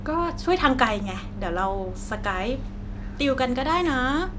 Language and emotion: Thai, happy